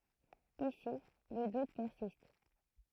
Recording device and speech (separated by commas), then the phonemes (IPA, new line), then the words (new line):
throat microphone, read sentence
isi lə dut pɛʁsist
Ici, le doute persiste.